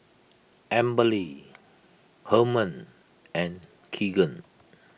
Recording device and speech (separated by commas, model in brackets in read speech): boundary microphone (BM630), read sentence